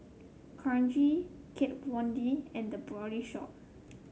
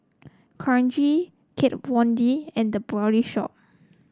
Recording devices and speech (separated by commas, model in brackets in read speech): mobile phone (Samsung C7), close-talking microphone (WH30), read sentence